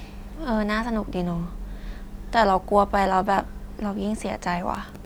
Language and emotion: Thai, frustrated